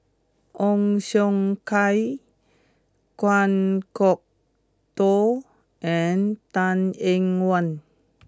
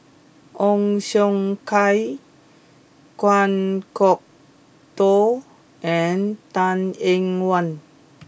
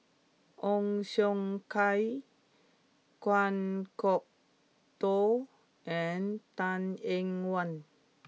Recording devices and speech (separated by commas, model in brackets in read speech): close-talking microphone (WH20), boundary microphone (BM630), mobile phone (iPhone 6), read sentence